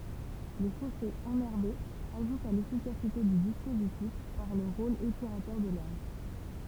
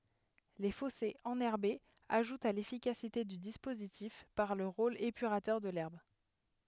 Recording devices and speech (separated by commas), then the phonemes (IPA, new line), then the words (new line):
temple vibration pickup, headset microphone, read sentence
le fɔsez ɑ̃nɛʁbez aʒutt a lefikasite dy dispozitif paʁ lə ʁol epyʁatœʁ də lɛʁb
Les fossés enherbés ajoutent à l'efficacité du dispositif par le rôle épurateur de l'herbe.